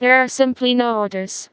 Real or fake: fake